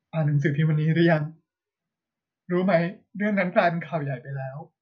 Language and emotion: Thai, sad